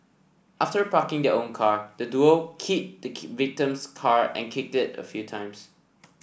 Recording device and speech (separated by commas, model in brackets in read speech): boundary microphone (BM630), read sentence